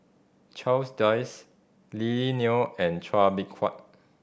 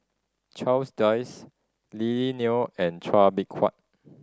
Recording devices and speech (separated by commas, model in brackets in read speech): boundary microphone (BM630), standing microphone (AKG C214), read sentence